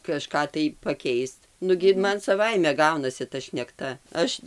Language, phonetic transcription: Lithuanian, kaˈžką tai paˈkeist ˈnugi ir ˈman saˈvaime ˈgaunasi ta šnekˈta ˈaš

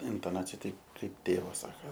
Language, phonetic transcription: Lithuanian, intoˈnacija ˈteip ˈkaip ˈtėvas ˈsaka

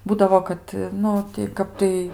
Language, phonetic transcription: Lithuanian, ˈbūdavo kad ˈnu ti ˈkap tai

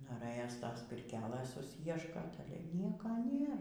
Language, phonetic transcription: Lithuanian, noˈrɘjos ˈtos pirˈkelɘs suˈsieškot ˈnieka ˈnėr

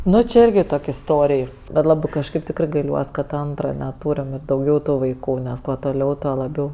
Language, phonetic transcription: Lithuanian, ˈnu či ˈirgi ˈtok' isˈtorij bet ˈlabɜ kažˈkaip ˈtikrɜ gaiˈliuos kad ˈantra neˈtūrim ir dauˈgiau ˈtų vaiˈkų nes ˈkuo toˈliau ˈtuo laˈbiau

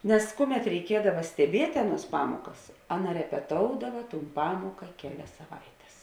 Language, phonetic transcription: Lithuanian, nes ˈkuˌmet reiˈkiedava steˈbiet' ˈaˌnuos ˈpamuokas ˈaˌna repeˈtoudava tūn ˈpamuoka ˈkeˌlias saˈvaites

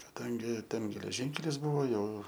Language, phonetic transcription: Lithuanian, kaˈdangi ˈten geleˈžynkelis ˈbuvo ˈjau

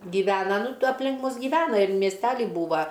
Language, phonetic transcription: Lithuanian, gyˈvena ˈnu tuo apˈlink ˈmus giˈvena ir miesˈteli ˈbūva

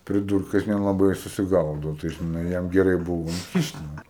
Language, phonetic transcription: Lithuanian, priˈdūrkas nelaˈbai ir susiˈgaudo tai žiˈnai ˈjam geˈrai ˈbuvo inˈkišt' ˈnu

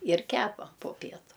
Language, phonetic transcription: Lithuanian, ir ˈkepa po ˈpietu

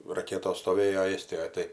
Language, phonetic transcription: Lithuanian, raˈketos stoˈvėjo ˈėstijoj ˈtai

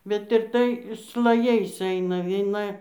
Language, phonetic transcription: Lithuanian, bet ir ˈtai slaˈjais ˈaina vieˈna

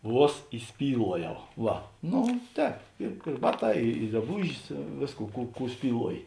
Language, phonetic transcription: Lithuanian, ˈvuos įˈspyluojau ˈva ˈno ˈtēp ir ir ˈbaˌtā i i draˈbūžis ˈvėsˌkų ˈkų ˈkų spyˈluoji

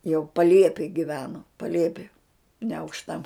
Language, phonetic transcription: Lithuanian, jau paˈliepėj giˈveno paˈliepi neaukšˈta

